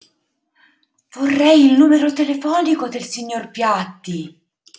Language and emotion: Italian, surprised